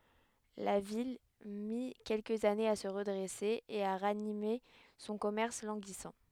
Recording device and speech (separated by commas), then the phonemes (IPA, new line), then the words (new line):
headset microphone, read sentence
la vil mi kɛlkəz anez a sə ʁədʁɛse e a ʁanime sɔ̃ kɔmɛʁs lɑ̃ɡisɑ̃
La ville mit quelques années à se redresser et à ranimer son commerce languissant.